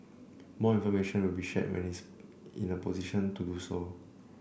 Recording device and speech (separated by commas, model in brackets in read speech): boundary microphone (BM630), read sentence